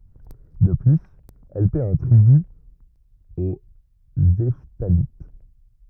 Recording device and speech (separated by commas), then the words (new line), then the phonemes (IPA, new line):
rigid in-ear microphone, read sentence
De plus, elle paie un tribut aux Hephthalites.
də plyz ɛl pɛ œ̃ tʁiby o ɛftalit